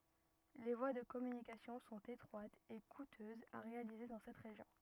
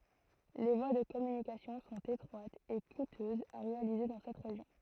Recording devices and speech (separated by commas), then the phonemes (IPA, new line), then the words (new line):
rigid in-ear microphone, throat microphone, read sentence
le vwa də kɔmynikasjɔ̃ sɔ̃t etʁwatz e kutøzz a ʁealize dɑ̃ sɛt ʁeʒjɔ̃
Les voies de communications sont étroites et coûteuses à réaliser dans cette région.